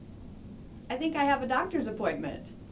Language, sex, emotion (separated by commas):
English, female, happy